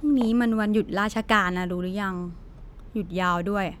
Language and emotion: Thai, neutral